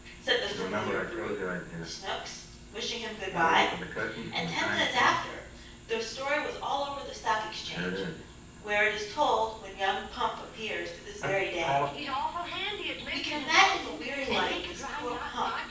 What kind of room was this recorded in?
A spacious room.